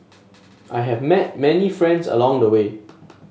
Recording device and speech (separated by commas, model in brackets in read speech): mobile phone (Samsung S8), read sentence